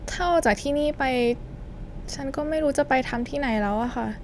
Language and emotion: Thai, sad